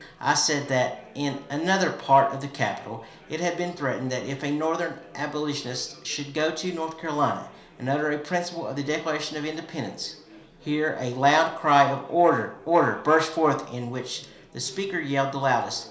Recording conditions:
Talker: one person; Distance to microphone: 1.0 m; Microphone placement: close; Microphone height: 1.1 m; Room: small (3.7 m by 2.7 m); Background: babble

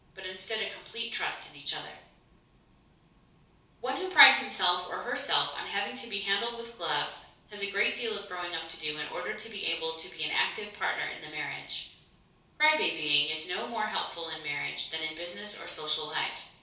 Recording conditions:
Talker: one person; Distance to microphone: 3.0 m; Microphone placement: far; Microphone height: 1.8 m; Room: small (3.7 m by 2.7 m); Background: none

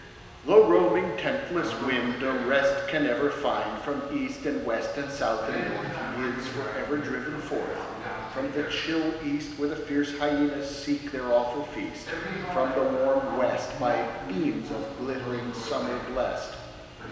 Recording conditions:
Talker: one person; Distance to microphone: 1.7 m; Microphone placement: close; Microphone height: 1.0 m; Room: very reverberant, large; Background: television

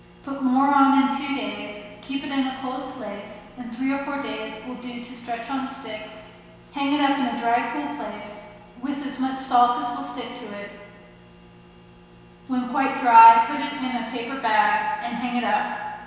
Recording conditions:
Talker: one person; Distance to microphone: 1.7 m; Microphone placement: close; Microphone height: 1.0 m; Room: very reverberant, large; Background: none

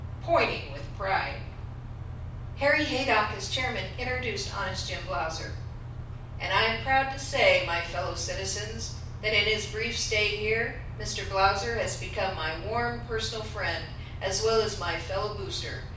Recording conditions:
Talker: one person; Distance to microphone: 5.8 m; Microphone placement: far; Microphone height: 1.8 m; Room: medium-sized (5.7 m by 4.0 m); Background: none

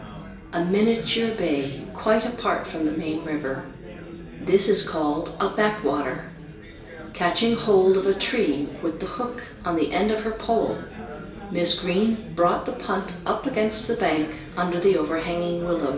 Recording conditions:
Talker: one person; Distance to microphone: 1.8 m; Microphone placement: close; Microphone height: 1.0 m; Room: large; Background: babble

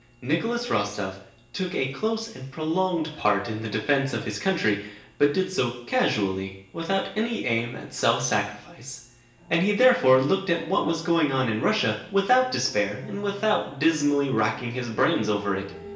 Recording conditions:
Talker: one person; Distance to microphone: 1.8 m; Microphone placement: close; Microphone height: 1.0 m; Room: large; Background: television

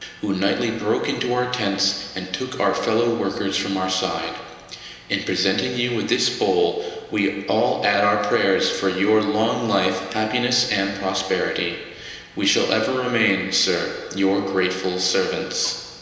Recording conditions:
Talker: one person; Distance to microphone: 1.7 m; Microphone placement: close; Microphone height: 1.0 m; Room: very reverberant, large; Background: none

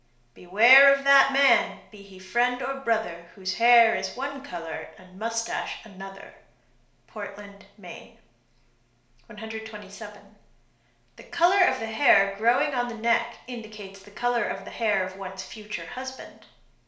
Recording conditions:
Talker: one person; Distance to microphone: 1.0 m; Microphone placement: close; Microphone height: 1.1 m; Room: small (3.7 m by 2.7 m); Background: none

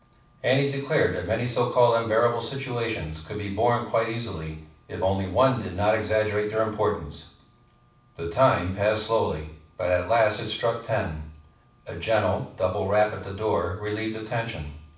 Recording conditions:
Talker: one person; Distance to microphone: 5.8 m; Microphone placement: far; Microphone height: 1.8 m; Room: medium-sized (5.7 m by 4.0 m); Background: none

